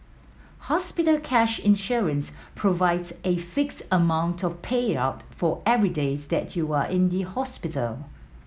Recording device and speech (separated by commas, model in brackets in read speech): mobile phone (iPhone 7), read sentence